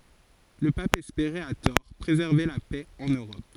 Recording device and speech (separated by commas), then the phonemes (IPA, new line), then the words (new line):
forehead accelerometer, read sentence
lə pap ɛspeʁɛt a tɔʁ pʁezɛʁve la pɛ ɑ̃n øʁɔp
Le Pape espérait, à tort, préserver la paix en Europe.